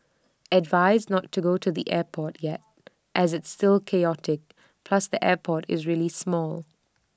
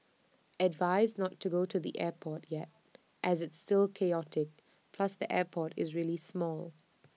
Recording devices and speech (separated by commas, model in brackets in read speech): standing microphone (AKG C214), mobile phone (iPhone 6), read sentence